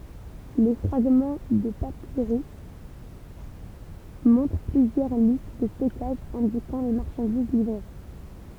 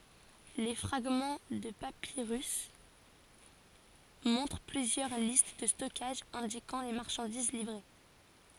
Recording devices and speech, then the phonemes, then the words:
temple vibration pickup, forehead accelerometer, read sentence
le fʁaɡmɑ̃ də papiʁys mɔ̃tʁ plyzjœʁ list də stɔkaʒ ɛ̃dikɑ̃ le maʁʃɑ̃diz livʁe
Les fragments de papyrus montrent plusieurs listes de stockage indiquant les marchandises livrées.

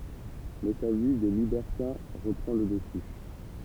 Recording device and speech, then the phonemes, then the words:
temple vibration pickup, read sentence
mɛ sa vi də libɛʁtɛ̃ ʁəpʁɑ̃ lə dəsy
Mais sa vie de libertin reprend le dessus.

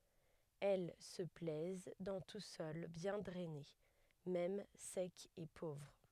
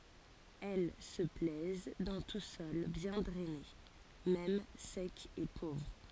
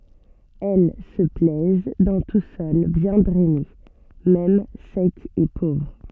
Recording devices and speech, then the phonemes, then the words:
headset microphone, forehead accelerometer, soft in-ear microphone, read sentence
ɛl sə plɛz dɑ̃ tu sɔl bjɛ̃ dʁɛne mɛm sɛk e povʁ
Elles se plaisent dans tout sol bien drainé, même sec et pauvre.

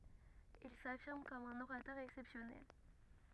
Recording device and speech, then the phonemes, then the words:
rigid in-ear microphone, read sentence
il safiʁm kɔm œ̃n oʁatœʁ ɛksɛpsjɔnɛl
Il s'affirme comme un orateur exceptionnel.

